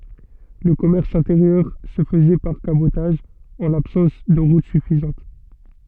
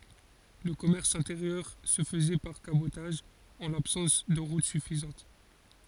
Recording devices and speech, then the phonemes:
soft in-ear microphone, forehead accelerometer, read sentence
lə kɔmɛʁs ɛ̃teʁjœʁ sə fəzɛ paʁ kabotaʒ ɑ̃ labsɑ̃s də ʁut syfizɑ̃t

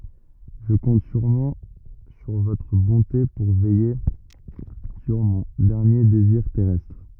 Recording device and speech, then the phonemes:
rigid in-ear microphone, read sentence
ʒə kɔ̃t syʁmɑ̃ syʁ votʁ bɔ̃te puʁ vɛje syʁ mɔ̃ dɛʁnje deziʁ tɛʁɛstʁ

